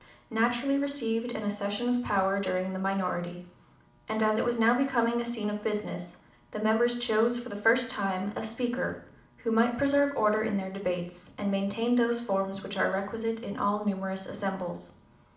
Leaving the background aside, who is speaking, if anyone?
One person.